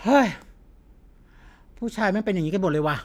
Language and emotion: Thai, frustrated